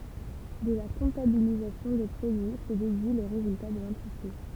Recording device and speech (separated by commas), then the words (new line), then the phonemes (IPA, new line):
temple vibration pickup, read sentence
De la comptabilisation des produits se déduit le résultat de l'entreprise.
də la kɔ̃tabilizasjɔ̃ de pʁodyi sə dedyi lə ʁezylta də lɑ̃tʁəpʁiz